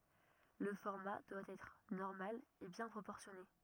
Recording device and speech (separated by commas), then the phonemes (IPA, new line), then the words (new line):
rigid in-ear microphone, read sentence
lə fɔʁma dwa ɛtʁ nɔʁmal e bjɛ̃ pʁopɔʁsjɔne
Le format doit être normal et bien proportionné.